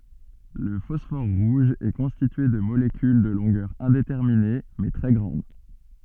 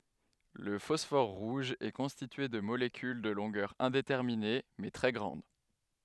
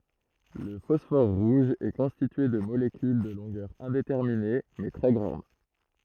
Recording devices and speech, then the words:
soft in-ear microphone, headset microphone, throat microphone, read sentence
Le phosphore rouge est constitué de molécules de longueur indéterminée, mais très grande.

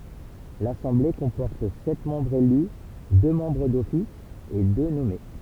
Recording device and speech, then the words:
temple vibration pickup, read sentence
L'assemblée comporte sept membres élus, deux membres d'office et deux nommés.

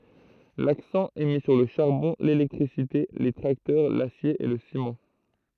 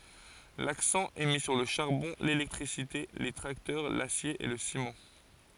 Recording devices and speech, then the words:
throat microphone, forehead accelerometer, read sentence
L'accent est mis sur le charbon, l'électricité, les tracteurs, l'acier et le ciment.

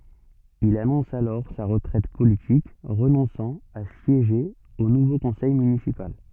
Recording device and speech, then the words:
soft in-ear microphone, read sentence
Il annonce alors sa retraite politique, renonçant à siéger au nouveau conseil municipal.

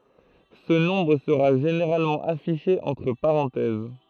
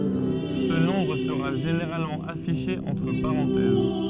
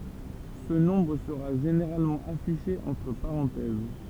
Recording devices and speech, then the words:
throat microphone, soft in-ear microphone, temple vibration pickup, read sentence
Ce nombre sera généralement affiché entre parenthèses.

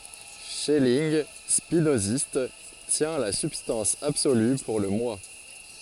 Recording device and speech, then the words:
forehead accelerometer, read sentence
Schelling, spinoziste, tient la substance absolue pour le Moi.

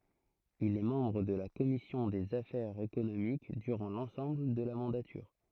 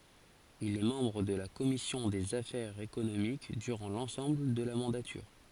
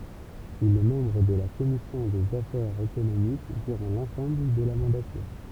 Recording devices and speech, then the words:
throat microphone, forehead accelerometer, temple vibration pickup, read sentence
Il est membre de la commission des affaires économiques durant l’ensemble de la mandature.

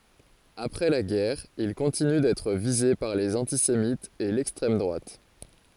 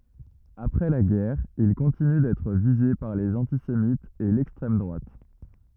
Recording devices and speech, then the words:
forehead accelerometer, rigid in-ear microphone, read sentence
Après la guerre, il continue d'être visé par les antisémites et l'extrême droite.

